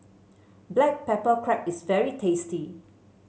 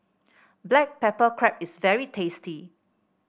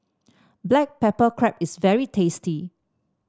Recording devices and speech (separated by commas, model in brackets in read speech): mobile phone (Samsung C7), boundary microphone (BM630), standing microphone (AKG C214), read sentence